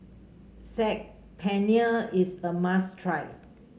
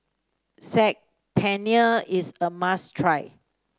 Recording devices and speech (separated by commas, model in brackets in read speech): mobile phone (Samsung C5), standing microphone (AKG C214), read sentence